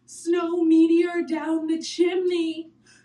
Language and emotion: English, fearful